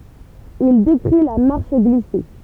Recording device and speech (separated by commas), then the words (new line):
temple vibration pickup, read sentence
Il décrit la marche glissée.